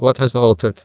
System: TTS, neural waveform model